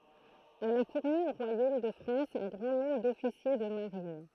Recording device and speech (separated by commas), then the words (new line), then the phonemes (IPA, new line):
throat microphone, read sentence
Elle a fourni au royaume de France un grand nombre d'officiers de marine.
ɛl a fuʁni o ʁwajom də fʁɑ̃s œ̃ ɡʁɑ̃ nɔ̃bʁ dɔfisje də maʁin